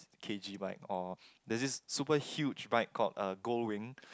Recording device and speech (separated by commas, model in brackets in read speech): close-talking microphone, conversation in the same room